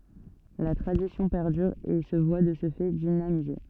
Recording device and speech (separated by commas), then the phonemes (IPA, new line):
soft in-ear microphone, read sentence
la tʁadisjɔ̃ pɛʁdyʁ e sə vwa də sə fɛ dinamize